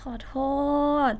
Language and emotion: Thai, sad